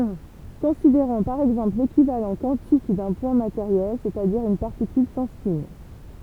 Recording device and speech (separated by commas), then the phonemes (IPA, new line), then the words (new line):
temple vibration pickup, read sentence
kɔ̃sideʁɔ̃ paʁ ɛɡzɑ̃pl lekivalɑ̃ kwɑ̃tik dœ̃ pwɛ̃ mateʁjɛl sɛstadiʁ yn paʁtikyl sɑ̃ spɛ̃
Considérons par exemple l'équivalent quantique d'un point matériel, c’est-à-dire une particule sans spin.